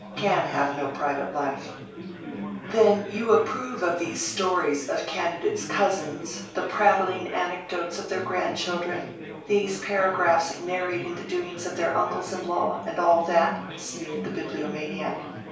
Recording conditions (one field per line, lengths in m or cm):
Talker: one person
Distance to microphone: 3.0 m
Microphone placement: far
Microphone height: 1.8 m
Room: small (3.7 m by 2.7 m)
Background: babble